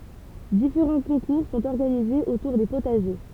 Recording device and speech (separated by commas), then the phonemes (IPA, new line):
temple vibration pickup, read sentence
difeʁɑ̃ kɔ̃kuʁ sɔ̃t ɔʁɡanizez otuʁ de potaʒe